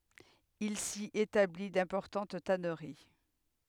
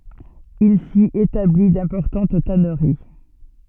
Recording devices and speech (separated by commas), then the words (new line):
headset microphone, soft in-ear microphone, read sentence
Il s'y établit d'importantes tanneries.